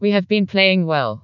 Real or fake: fake